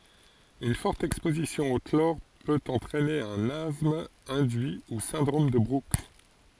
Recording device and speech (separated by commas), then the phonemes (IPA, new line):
forehead accelerometer, read sentence
yn fɔʁt ɛkspozisjɔ̃ o klɔʁ pøt ɑ̃tʁɛne œ̃n astm ɛ̃dyi u sɛ̃dʁom də bʁuks